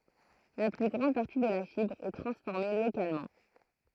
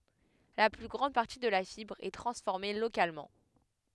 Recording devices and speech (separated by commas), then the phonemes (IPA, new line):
throat microphone, headset microphone, read sentence
la ply ɡʁɑ̃d paʁti də la fibʁ ɛ tʁɑ̃sfɔʁme lokalmɑ̃